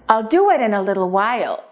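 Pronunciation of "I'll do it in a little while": The whole sentence is said as one unit, like one long word, with the stress on 'do' and on 'while'.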